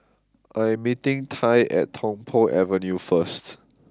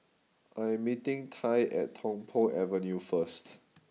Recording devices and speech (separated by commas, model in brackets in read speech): close-talking microphone (WH20), mobile phone (iPhone 6), read sentence